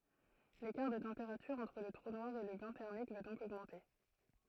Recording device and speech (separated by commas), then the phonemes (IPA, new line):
throat microphone, read sentence
lekaʁ də tɑ̃peʁatyʁ ɑ̃tʁ lə tʁu nwaʁ e lə bɛ̃ tɛʁmik va dɔ̃k oɡmɑ̃te